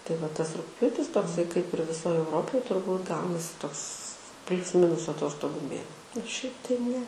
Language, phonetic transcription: Lithuanian, tai va ˈtas rugˈpjūtis tokˈsai kaip ir viˈsoj euˈropoj turˈbūt ˈgaunasi ˈtoks ˈplius ˈminus aˈtostogu ˈmė ir ˈšiaip tai ˈne

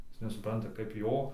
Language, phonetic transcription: Lithuanian, ˈjis nesuˈpranta kaip ˈjo

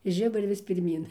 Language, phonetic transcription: Lithuanian, i ˈžiburi vis pirˈmyn

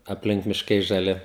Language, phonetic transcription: Lithuanian, apˈlink mišˈkai žaˈli

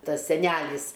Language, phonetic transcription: Lithuanian, ˈtas seˈnælis

